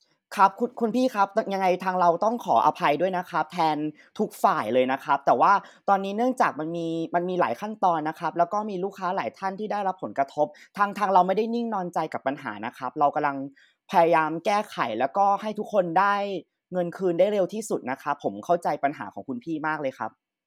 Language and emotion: Thai, frustrated